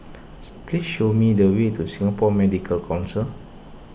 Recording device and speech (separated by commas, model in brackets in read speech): boundary microphone (BM630), read sentence